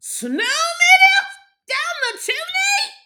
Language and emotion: English, fearful